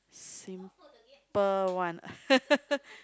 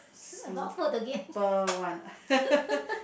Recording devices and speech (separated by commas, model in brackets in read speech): close-talking microphone, boundary microphone, conversation in the same room